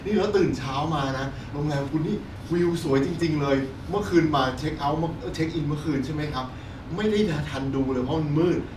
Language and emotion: Thai, happy